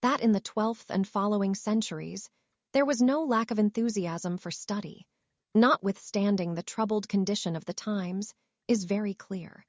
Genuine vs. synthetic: synthetic